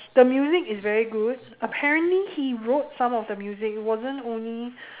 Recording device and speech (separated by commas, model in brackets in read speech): telephone, conversation in separate rooms